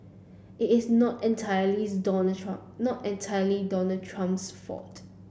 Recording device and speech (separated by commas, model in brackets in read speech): boundary microphone (BM630), read sentence